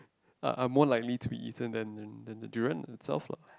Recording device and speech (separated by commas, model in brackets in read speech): close-talking microphone, conversation in the same room